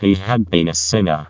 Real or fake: fake